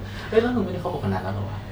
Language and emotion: Thai, neutral